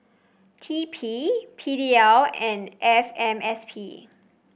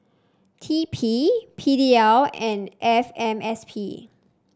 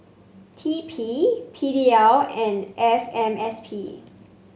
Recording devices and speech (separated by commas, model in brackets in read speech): boundary microphone (BM630), standing microphone (AKG C214), mobile phone (Samsung C5), read sentence